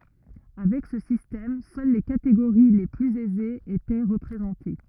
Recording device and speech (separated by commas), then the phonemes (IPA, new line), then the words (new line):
rigid in-ear microphone, read sentence
avɛk sə sistɛm sœl le kateɡoʁi le plyz ɛzez etɛ ʁəpʁezɑ̃te
Avec ce système, seules les catégories les plus aisées étaient représentées.